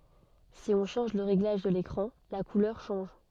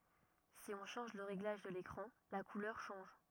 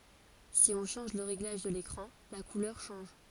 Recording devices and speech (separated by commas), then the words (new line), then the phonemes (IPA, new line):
soft in-ear microphone, rigid in-ear microphone, forehead accelerometer, read sentence
Si on change le réglage de l'écran, la couleur change.
si ɔ̃ ʃɑ̃ʒ lə ʁeɡlaʒ də lekʁɑ̃ la kulœʁ ʃɑ̃ʒ